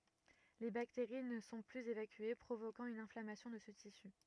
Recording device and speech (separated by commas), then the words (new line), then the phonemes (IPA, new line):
rigid in-ear microphone, read sentence
Les bactéries ne sont plus évacuées, provoquant une inflammation de ce tissu.
le bakteʁi nə sɔ̃ plyz evakye pʁovokɑ̃ yn ɛ̃flamasjɔ̃ də sə tisy